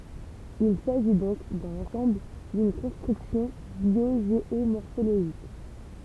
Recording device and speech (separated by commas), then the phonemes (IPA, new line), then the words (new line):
temple vibration pickup, read sentence
il saʒi dɔ̃k dɑ̃ lɑ̃sɑ̃bl dyn kɔ̃stʁyksjɔ̃ bjoʒeomɔʁfoloʒik
Il s'agit donc, dans l'ensemble, d'une construction biogéomorphologique.